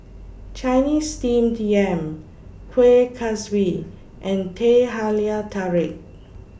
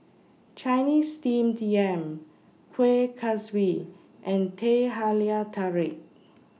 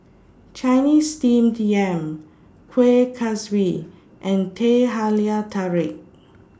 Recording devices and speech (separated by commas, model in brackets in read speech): boundary microphone (BM630), mobile phone (iPhone 6), standing microphone (AKG C214), read sentence